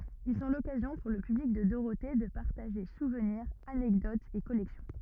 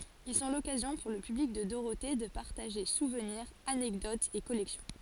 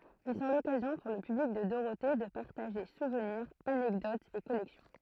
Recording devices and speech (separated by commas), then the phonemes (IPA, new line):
rigid in-ear microphone, forehead accelerometer, throat microphone, read sentence
il sɔ̃ lɔkazjɔ̃ puʁ lə pyblik də doʁote də paʁtaʒe suvniʁz anɛkdotz e kɔlɛksjɔ̃